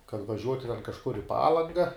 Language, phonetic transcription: Lithuanian, kad vaˈžiuoti ten kažˈkur i ˈpalanga

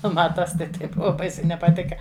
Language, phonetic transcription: Lithuanian, ˈnu ˈma ˈtas tai ˈtai ˈbuva ˈbaisiai nepaˈtika

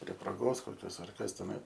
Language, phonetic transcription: Lithuanian, prie proˈgos koˈkios ar ˈkas teˈnai

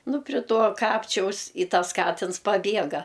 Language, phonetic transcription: Lithuanian, nu pri ˈtuo ˈkapčiaus i ˈtas ˈkatins paˈbiega

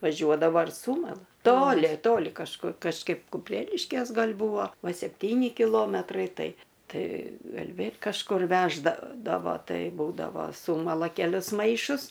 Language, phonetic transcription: Lithuanian, vaˈžiuodavo ir ˈsūmala ˈtoli ˈtoli kažˈkur kažˈkaip kuˈpreliškės ˈgal' ˈbūvo ˈva sepˈtyni kiˈlometrai ˈtai ˈtai ˈgal' ˈvėl' kažˈkur ˈveždadavo ˈtai ˈbūdavo ˈsūmala keˈlius ˈmaišus

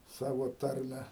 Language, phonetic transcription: Lithuanian, ˈsavo ˈtarme

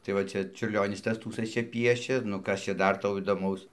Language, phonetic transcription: Lithuanian, tai va ˈčia čiurˈlionis ˈtas ˈtųsɘs ˈčia ˈpiešė nu ˈkas čia ˈdar ˈtau įdoˈmaus

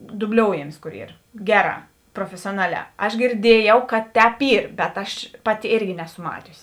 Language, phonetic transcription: Lithuanian, dubˈlioujamis ˈkor ˈyr ˈgeˌrā profesioˈnaˌliā aš girˈdiejau kad ˈtēp ˈyr bet ˈaš ˈpaˌti ˈėrgi ˈnesu ˈmatiusi

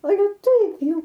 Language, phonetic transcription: Lithuanian, aˈle ˈtaip ˈjau

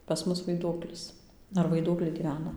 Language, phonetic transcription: Lithuanian, pas ˈmus vaiˈduoklis ar vaiˈduokliai gyˈvena

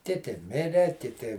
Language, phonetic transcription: Lithuanian, ˈkiti ˈmire kiˈti

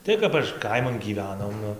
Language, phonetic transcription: Lithuanian, ˈtai kap aš ˈkaiman gyˈvenom ˈnu

